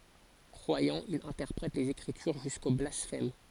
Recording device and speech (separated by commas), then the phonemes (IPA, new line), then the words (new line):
forehead accelerometer, read sentence
kʁwajɑ̃ il ɛ̃tɛʁpʁɛt lez ekʁityʁ ʒysko blasfɛm
Croyant, il interprète les Écritures jusqu'au blasphème.